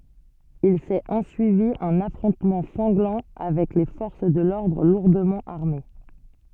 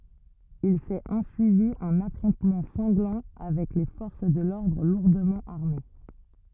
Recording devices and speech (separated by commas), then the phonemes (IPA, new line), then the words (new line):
soft in-ear microphone, rigid in-ear microphone, read sentence
il sɛt ɑ̃syivi œ̃n afʁɔ̃tmɑ̃ sɑ̃ɡlɑ̃ avɛk le fɔʁs də lɔʁdʁ luʁdəmɑ̃ aʁme
Il s'est ensuivi un affrontement sanglant avec les forces de l'ordre lourdement armées.